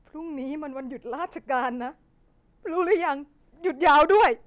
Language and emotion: Thai, sad